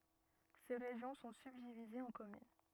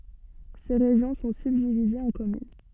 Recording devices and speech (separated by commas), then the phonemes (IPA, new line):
rigid in-ear microphone, soft in-ear microphone, read sentence
se ʁeʒjɔ̃ sɔ̃ sybdivizez ɑ̃ kɔmyn